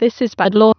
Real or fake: fake